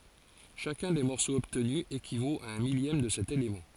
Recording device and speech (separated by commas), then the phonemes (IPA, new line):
forehead accelerometer, read sentence
ʃakœ̃ de mɔʁsoz ɔbtny ekivot a œ̃ miljɛm də sɛt elemɑ̃